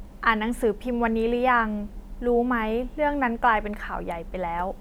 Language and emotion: Thai, neutral